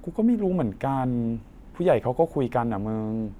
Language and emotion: Thai, frustrated